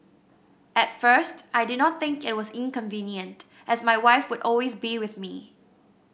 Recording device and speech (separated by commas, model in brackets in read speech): boundary microphone (BM630), read sentence